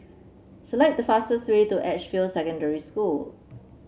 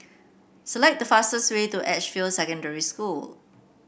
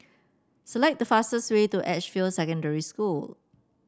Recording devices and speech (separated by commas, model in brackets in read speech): mobile phone (Samsung C7), boundary microphone (BM630), standing microphone (AKG C214), read sentence